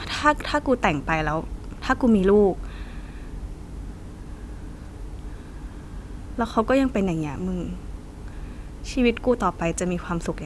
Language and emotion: Thai, frustrated